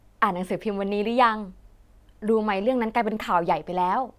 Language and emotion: Thai, happy